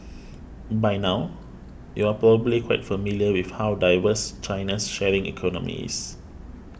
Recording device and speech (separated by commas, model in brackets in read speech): boundary microphone (BM630), read sentence